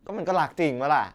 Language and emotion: Thai, frustrated